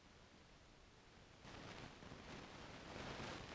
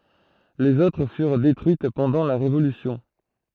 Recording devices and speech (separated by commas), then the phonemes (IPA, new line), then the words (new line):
forehead accelerometer, throat microphone, read sentence
lez otʁ fyʁ detʁyit pɑ̃dɑ̃ la ʁevolysjɔ̃
Les autres furent détruites pendant la Révolution.